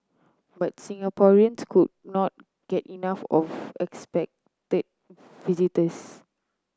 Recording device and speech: close-talking microphone (WH30), read sentence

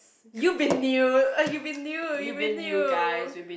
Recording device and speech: boundary microphone, conversation in the same room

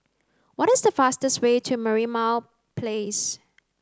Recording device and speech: close-talking microphone (WH30), read sentence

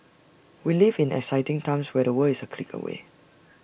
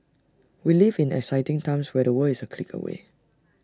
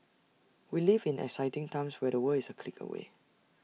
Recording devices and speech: boundary microphone (BM630), standing microphone (AKG C214), mobile phone (iPhone 6), read sentence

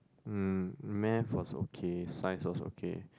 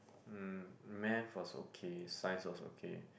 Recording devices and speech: close-talking microphone, boundary microphone, conversation in the same room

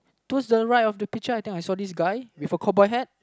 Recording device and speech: close-talking microphone, conversation in the same room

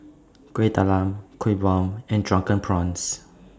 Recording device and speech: standing microphone (AKG C214), read sentence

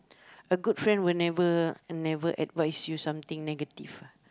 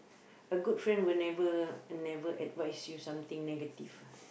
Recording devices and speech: close-talking microphone, boundary microphone, conversation in the same room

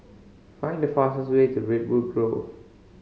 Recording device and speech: mobile phone (Samsung C5010), read sentence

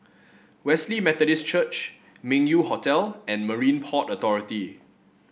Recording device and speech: boundary microphone (BM630), read sentence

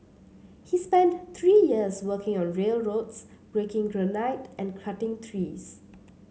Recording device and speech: mobile phone (Samsung C7), read sentence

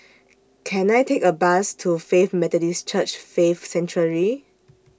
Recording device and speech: standing microphone (AKG C214), read sentence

